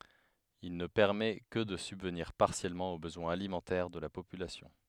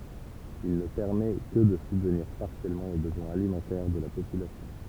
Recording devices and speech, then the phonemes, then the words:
headset microphone, temple vibration pickup, read sentence
il nə pɛʁmɛ kə də sybvniʁ paʁsjɛlmɑ̃ o bəzwɛ̃z alimɑ̃tɛʁ də la popylasjɔ̃
Il ne permet que de subvenir partiellement aux besoins alimentaires de la population.

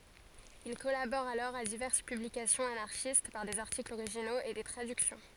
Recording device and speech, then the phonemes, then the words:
forehead accelerometer, read sentence
il kɔlabɔʁ alɔʁ a divɛʁs pyblikasjɔ̃z anaʁʃist paʁ dez aʁtiklz oʁiʒinoz e de tʁadyksjɔ̃
Il collabore alors à diverses publications anarchistes, par des articles originaux et des traductions.

